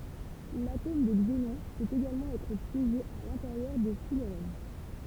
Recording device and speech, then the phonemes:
temple vibration pickup, read sentence
latom də ɡzenɔ̃ pøt eɡalmɑ̃ ɛtʁ pjeʒe a lɛ̃teʁjœʁ də fylʁɛn

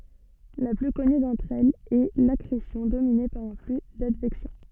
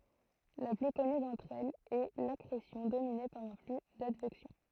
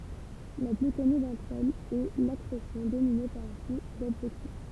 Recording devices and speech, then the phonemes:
soft in-ear microphone, throat microphone, temple vibration pickup, read sentence
la ply kɔny dɑ̃tʁ ɛlz ɛ lakʁesjɔ̃ domine paʁ œ̃ fly dadvɛksjɔ̃

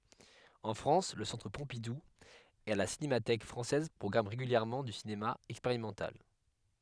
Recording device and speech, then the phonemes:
headset microphone, read sentence
ɑ̃ fʁɑ̃s lə sɑ̃tʁ pɔ̃pidu e la sinematɛk fʁɑ̃sɛz pʁɔɡʁamɑ̃ ʁeɡyljɛʁmɑ̃ dy sinema ɛkspeʁimɑ̃tal

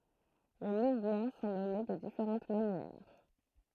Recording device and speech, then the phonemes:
throat microphone, read sentence
le muvmɑ̃ sɔ̃ nɔme də difeʁɑ̃t manjɛʁ

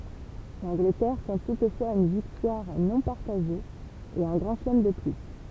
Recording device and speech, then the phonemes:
temple vibration pickup, read sentence
lɑ̃ɡlətɛʁ kɔ̃t tutfwaz yn viktwaʁ nɔ̃ paʁtaʒe e œ̃ ɡʁɑ̃ ʃəlɛm də ply

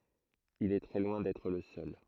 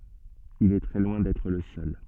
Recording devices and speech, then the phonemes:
throat microphone, soft in-ear microphone, read sentence
il ɛ tʁɛ lwɛ̃ dɛtʁ lə sœl

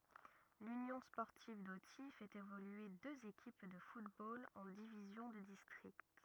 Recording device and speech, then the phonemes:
rigid in-ear microphone, read sentence
lynjɔ̃ spɔʁtiv doti fɛt evolye døz ekip də futbol ɑ̃ divizjɔ̃ də distʁikt

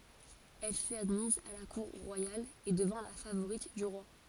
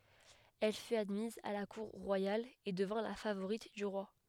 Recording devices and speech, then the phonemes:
forehead accelerometer, headset microphone, read sentence
ɛl fyt admiz a la kuʁ ʁwajal e dəvɛ̃ la favoʁit dy ʁwa

